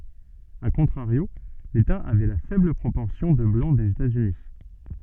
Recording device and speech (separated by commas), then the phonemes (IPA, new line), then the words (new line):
soft in-ear microphone, read sentence
a kɔ̃tʁaʁjo leta avɛ la fɛbl pʁopɔʁsjɔ̃ də blɑ̃ dez etaz yni
A contrario, l'État avait la faible proportion de Blancs des États-Unis.